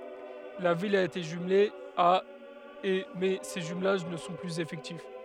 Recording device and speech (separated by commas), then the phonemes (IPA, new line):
headset microphone, read sentence
la vil a ete ʒymle a e mɛ se ʒymlaʒ nə sɔ̃ plyz efɛktif